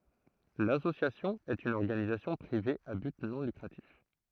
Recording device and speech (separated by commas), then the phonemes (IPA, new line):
throat microphone, read sentence
lasosjasjɔ̃ ɛt yn ɔʁɡanizasjɔ̃ pʁive a byt nɔ̃ lykʁatif